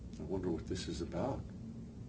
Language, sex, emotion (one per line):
English
male
neutral